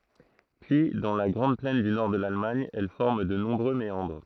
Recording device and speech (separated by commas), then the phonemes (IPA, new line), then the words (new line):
throat microphone, read sentence
pyi dɑ̃ la ɡʁɑ̃d plɛn dy nɔʁ də lalmaɲ ɛl fɔʁm də nɔ̃bʁø meɑ̃dʁ
Puis, dans la grande plaine du nord de l'Allemagne, elle forme de nombreux méandres.